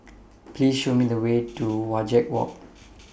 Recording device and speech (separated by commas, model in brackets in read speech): boundary microphone (BM630), read sentence